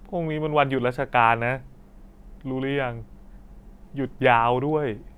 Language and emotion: Thai, sad